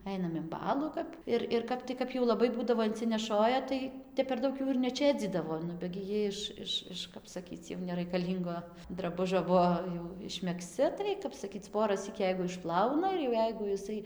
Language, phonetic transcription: Lithuanian, ˈainam in ˈbalų kap ˈir ir ˈkap tai ˈkap jau laˈbai ˈbūdavo incineˈšoja ˈtai ˈtep per ˈdaug jų ir neˈčėdzydavo ˈnu be gi ˈjie iš ˈiš ˈiš ˈkap saˈkyc jau neraikaˈlyngo draˈbužio ˈbuo jau išmegˈzci tai kap saˈkyc ˈporasyk ˈjeigu išˈplauna ir jau ˈjeigu jiˈsai

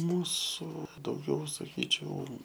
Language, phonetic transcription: Lithuanian, ˈmūsu dauˈgiau saˈkyčiau

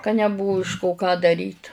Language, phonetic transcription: Lithuanian, ka neˈbuvu iš 'ko ką daˈryt

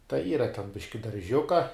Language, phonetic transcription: Lithuanian, tai ˈyra ten ˈbiški darˈžiuka

